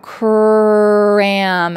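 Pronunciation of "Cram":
'Cram' is said with a strong R sound.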